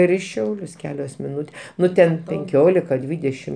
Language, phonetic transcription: Lithuanian, ir i ˈšiaulius ˈkelios miˈnutė ˈnu ten penˈkiolika ˈdvydešim

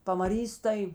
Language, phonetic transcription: Lithuanian, pamaˈrys tai

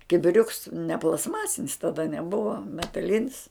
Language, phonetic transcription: Lithuanian, kibiˈriuks ne plastˈmasinis tada neˈbuva metaˈlinis

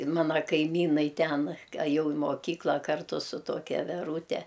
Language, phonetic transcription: Lithuanian, ˈmana kaiˈmynai ˈten aˈjau i moˈkykla ˈkartu su ˈtokia veˈrūte

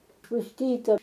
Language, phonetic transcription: Lithuanian, pusˈtyta

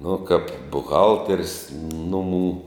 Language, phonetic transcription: Lithuanian, nu kap buˈhalters ˈnumų

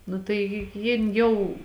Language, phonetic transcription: Lithuanian, ˈnu tai ji ˈjin ˈjau

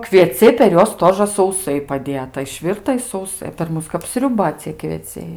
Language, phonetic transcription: Lithuanian, kvieˈciai per ˈjuos ˈtožɘ sauˈsai paˈdėta išˈvirta i sauˈsai per ˈmus kap sriuˈba cie kvieˈciai

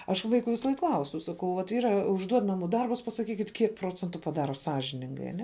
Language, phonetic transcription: Lithuanian, aš ˈvaiku ˈvisaˈlaik ˈklausiu saˈkau vat ˈyra užˈduod ˈnamų ˈdarbus pasaˈkykit' ˈkiek ˈprocentu paˈdaro ˈsąžiningai aˈne sąžiningai

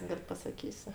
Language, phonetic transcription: Lithuanian, ˈgal' pasaˈkysiu

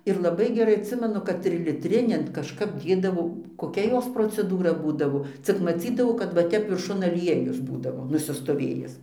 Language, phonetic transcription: Lithuanian, ir laˈbai geˈrai atˈsimenu kad triliˈtrinian kažˈkap ˈdėdavo koˈkia ˈjos proceˈdūra ˈbūdavo ˈcik maˈcydavau kad va ˈtep virˈšun aˈliejus ˈbūdavo nusistoˈvėjis

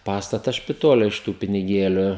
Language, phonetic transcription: Lithuanian, ˈpastatas špitole iš ˈtų piniˈgėliu

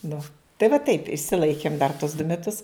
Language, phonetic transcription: Lithuanian, ˈnu tai va taip išsiˈlaikėm dar tos du meˈtus

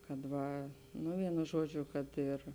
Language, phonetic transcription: Lithuanian, kad ˈva ˈnu ˈvienu ˈžuoˌdžiu kad ˈir

